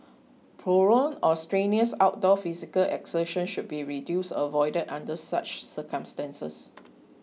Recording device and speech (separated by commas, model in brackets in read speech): mobile phone (iPhone 6), read sentence